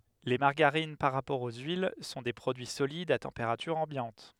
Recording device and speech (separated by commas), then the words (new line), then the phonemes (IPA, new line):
headset microphone, read sentence
Les margarines, par rapport aux huiles, sont des produits solides à température ambiante.
le maʁɡaʁin paʁ ʁapɔʁ o yil sɔ̃ de pʁodyi solidz a tɑ̃peʁatyʁ ɑ̃bjɑ̃t